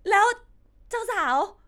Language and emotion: Thai, happy